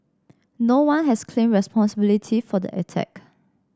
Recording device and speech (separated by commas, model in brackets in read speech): standing microphone (AKG C214), read sentence